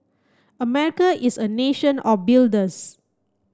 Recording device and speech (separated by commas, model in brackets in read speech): close-talking microphone (WH30), read sentence